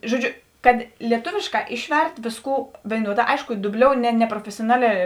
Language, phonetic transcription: Lithuanian, žoˈdžiu ˈkad lieˈtovėšˌkā ˈišˌvert ˈvėsˌkų vėiˈnuoˌdā ˈaišku duˈbliou ne neprofesioˈnalē

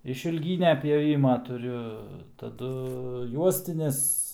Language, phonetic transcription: Lithuanian, išilˈgynia pjoˈvima tuˈriu taˈdu ˈjuostinis

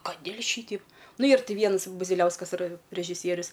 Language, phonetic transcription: Lithuanian, kaˈdėl' ˈšyteip ˈnu ˈyr ˈti ˈviens buziˈliauskas iˈra režiˈsierius

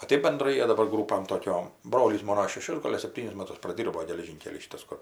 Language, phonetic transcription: Lithuanian, o ˈtɜp benˈdrai ˈjie daˈbar ˈgrūpam toˈkiom ˈbrolys ˈmono šeˈšius ˈgol' ar sepˈtynis ˈmatus praˈdyrbo geleˈžynkely ˈšytas ˈkur

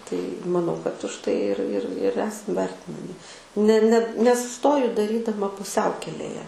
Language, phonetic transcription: Lithuanian, tai maˈnau kad už ˈtai ir ir ir ˈesam ˈvertinami ne ne nesuˈstoju daˈrydama puˈsiaukelėje

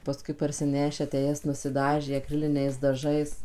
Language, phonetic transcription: Lithuanian, paˈskui parsiˈnešę tę ˈjas nusiˈdažė aˈkriliniais daˈžais

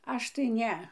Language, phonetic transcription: Lithuanian, ˈaš tai ˈne

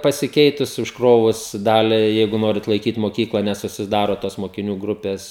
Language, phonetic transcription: Lithuanian, pasiˈkeitus užˈkrovus ˈdaliai ˈjeigu ˈnorit laiˈkyt moˈkykla nesusiˈdaro tos mokiˈnių ˈgrupės

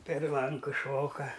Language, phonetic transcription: Lithuanian, per ˈlanku ˈšoka

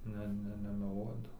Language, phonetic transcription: Lithuanian, ˈne ˈne nemeˈluodav

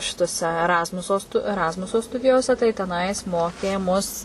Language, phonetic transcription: Lithuanian, ˈšitose eˈrazmuso stu eˈrazmuso ˈstudijose tai teˈnais ˈmokė mus

